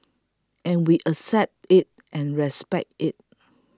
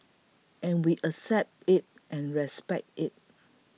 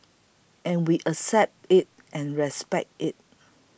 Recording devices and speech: close-talking microphone (WH20), mobile phone (iPhone 6), boundary microphone (BM630), read sentence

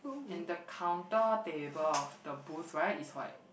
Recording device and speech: boundary microphone, conversation in the same room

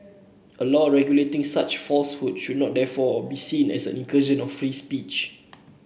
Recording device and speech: boundary microphone (BM630), read sentence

